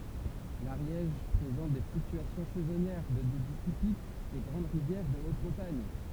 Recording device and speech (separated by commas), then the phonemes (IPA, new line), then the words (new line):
temple vibration pickup, read sentence
laʁjɛʒ pʁezɑ̃t de flyktyasjɔ̃ sɛzɔnjɛʁ də debi tipik de ɡʁɑ̃d ʁivjɛʁ də ot mɔ̃taɲ
L'Ariège présente des fluctuations saisonnières de débit typiques des grandes rivières de haute montagne.